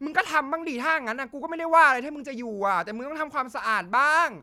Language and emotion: Thai, angry